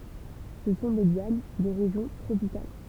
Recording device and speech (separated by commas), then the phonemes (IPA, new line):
temple vibration pickup, read sentence
sə sɔ̃ de ljan de ʁeʒjɔ̃ tʁopikal